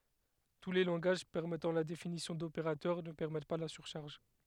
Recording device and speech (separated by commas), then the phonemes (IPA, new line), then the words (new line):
headset microphone, read sentence
tu le lɑ̃ɡaʒ pɛʁmɛtɑ̃ la definisjɔ̃ dopeʁatœʁ nə pɛʁmɛt pa la syʁʃaʁʒ
Tous les langages permettant la définition d'opérateur ne permettent pas la surcharge.